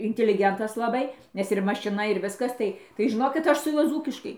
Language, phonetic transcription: Lithuanian, intiliˈgentas laˈbai ˈnes ir mašiˈna ir ˈviskas ˈtai tai žiˈnokit ˈaš su ˈjuo ˈdzūkiškai

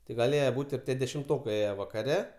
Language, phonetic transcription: Lithuanian, tai gaˈlėje ˈbūt' ir ˈtie dešimˈtokai ˈėje vakaˈre

